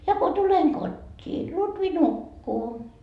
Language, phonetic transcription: Finnish, ja ko 'tuleŋ "kot́t́ii , 'Lutvi "nukkuu .
- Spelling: ja kun tulen kotiin Lutvi nukkuu

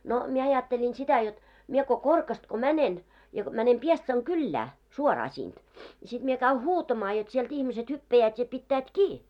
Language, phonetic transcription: Finnish, no , mie 'ajatteĺin 'sitä jot , 'mie ko "Korkast ko 'mänen , ja , mänem 'Piestsaŋ "kyllää , 'suoraa 'sinᴅ , ja sit mie käy "huutamaa jot sielt 'ihmiset 'hyppäjäät ja 'pittäät "kii .
- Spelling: no minä ajattelin sitä jotta minä kun Korkasta kun menen ja menen Piestsan kylään suoraan sinne ja sitten minä käyn huutamaan jotta sieltä ihmiset hyppäävät ja pitävät kiinni

